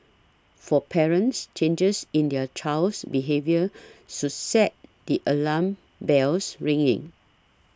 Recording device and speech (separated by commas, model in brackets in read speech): standing microphone (AKG C214), read sentence